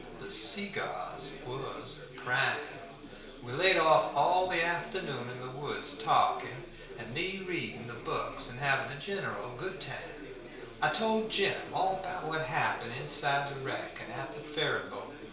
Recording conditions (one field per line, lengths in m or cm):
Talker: one person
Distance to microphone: 1.0 m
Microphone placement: close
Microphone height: 1.1 m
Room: small (3.7 m by 2.7 m)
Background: babble